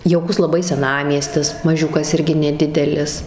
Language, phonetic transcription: Lithuanian, jauˈkus laˈbai seˈnamiestis maˈžiukas ˈirgi neˈdidelis

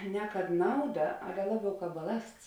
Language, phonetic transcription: Lithuanian, ne kad ˈnauˌda ˈale ˈlaˌbiau ˈkāp baˈlasts

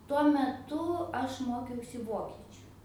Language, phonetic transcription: Lithuanian, tuo meˈtu ˈaš ˈmokiausi ˈvokiečiu

